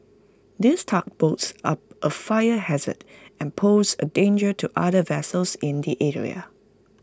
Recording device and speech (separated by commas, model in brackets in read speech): close-talking microphone (WH20), read sentence